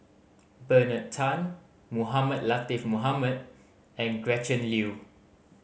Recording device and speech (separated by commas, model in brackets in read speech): mobile phone (Samsung C5010), read sentence